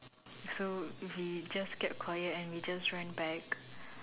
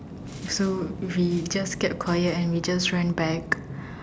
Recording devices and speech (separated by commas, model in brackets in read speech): telephone, standing microphone, conversation in separate rooms